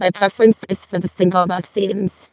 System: VC, vocoder